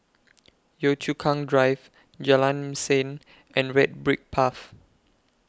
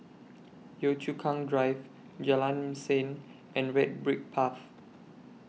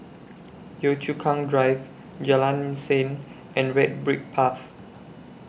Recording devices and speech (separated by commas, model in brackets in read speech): close-talking microphone (WH20), mobile phone (iPhone 6), boundary microphone (BM630), read sentence